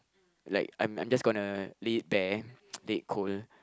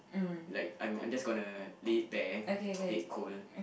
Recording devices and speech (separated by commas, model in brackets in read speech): close-talking microphone, boundary microphone, conversation in the same room